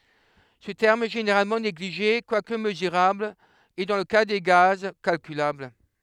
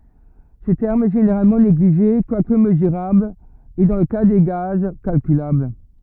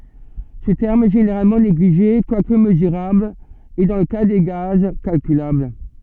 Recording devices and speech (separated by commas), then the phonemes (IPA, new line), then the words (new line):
headset microphone, rigid in-ear microphone, soft in-ear microphone, read sentence
sə tɛʁm ɛ ʒeneʁalmɑ̃ neɡliʒe kwak məzyʁabl e dɑ̃ lə ka de ɡaz kalkylabl
Ce terme est généralement négligé quoique mesurable et, dans le cas des gaz, calculable.